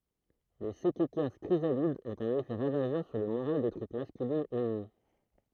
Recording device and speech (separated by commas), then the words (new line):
throat microphone, read sentence
Les Sekekers chrysalides ont un effet ravageur sur le moral des troupes masculines ennemies.